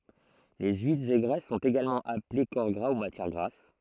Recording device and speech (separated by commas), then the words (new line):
throat microphone, read sentence
Les huiles et graisses sont également appelées corps gras ou matière grasse.